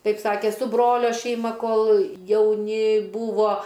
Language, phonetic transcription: Lithuanian, ˈtaip ˈsakė su ˈbrolio šeiˈma ˈkol jauˈni ˈbūvo

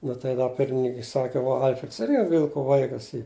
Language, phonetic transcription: Lithuanian, ˈnu tai da ˈpirmininkui ˈsaki ˈva ˈalfreds ˈirgi ˈvilku ˈvaikas ˈy

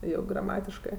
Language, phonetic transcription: Lithuanian, ˈjau graˈmatiškɜ

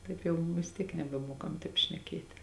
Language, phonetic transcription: Lithuanian, ˈtaip jau vis ˈtiek nebeˈmuokam ˈtaip šneˈkėt'

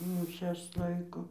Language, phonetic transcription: Lithuanian, ˈmišias ˈlaiko

